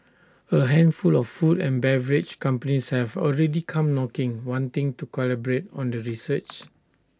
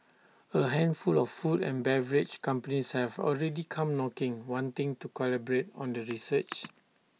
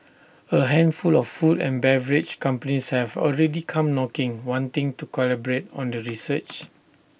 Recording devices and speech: standing microphone (AKG C214), mobile phone (iPhone 6), boundary microphone (BM630), read sentence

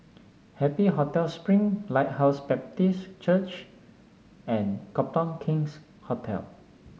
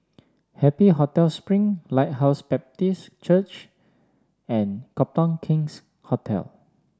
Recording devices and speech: mobile phone (Samsung S8), standing microphone (AKG C214), read sentence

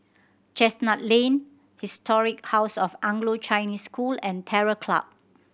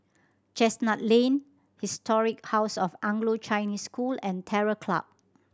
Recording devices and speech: boundary microphone (BM630), standing microphone (AKG C214), read sentence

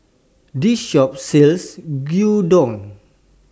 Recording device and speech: standing microphone (AKG C214), read sentence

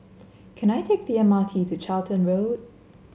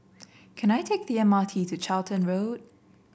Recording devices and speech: mobile phone (Samsung C7), boundary microphone (BM630), read sentence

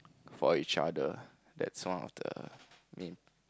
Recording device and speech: close-talking microphone, conversation in the same room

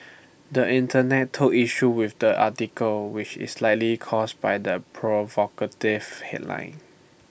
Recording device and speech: boundary microphone (BM630), read sentence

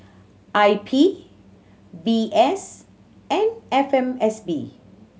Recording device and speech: mobile phone (Samsung C7100), read sentence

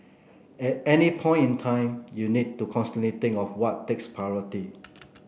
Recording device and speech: boundary microphone (BM630), read sentence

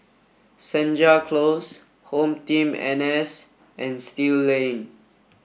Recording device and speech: boundary microphone (BM630), read sentence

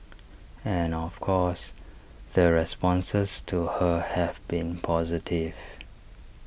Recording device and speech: boundary microphone (BM630), read sentence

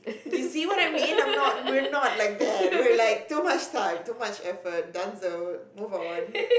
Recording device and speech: boundary microphone, conversation in the same room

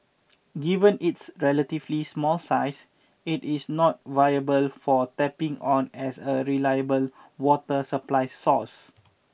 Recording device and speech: boundary microphone (BM630), read sentence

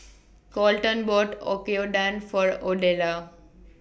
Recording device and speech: boundary microphone (BM630), read sentence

